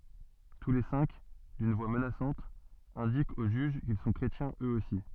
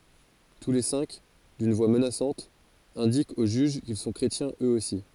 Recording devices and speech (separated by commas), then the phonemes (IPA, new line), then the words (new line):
soft in-ear microphone, forehead accelerometer, read sentence
tu le sɛ̃k dyn vwa mənasɑ̃t ɛ̃dikt o ʒyʒ kil sɔ̃ kʁetjɛ̃z øz osi
Tous les cinq, d'une voix menaçante, indiquent au juge qu'ils sont chrétiens eux aussi.